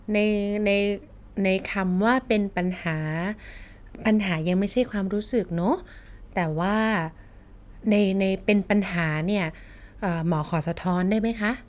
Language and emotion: Thai, neutral